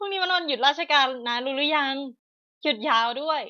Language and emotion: Thai, happy